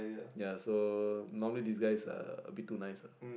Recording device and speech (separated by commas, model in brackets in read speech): boundary microphone, conversation in the same room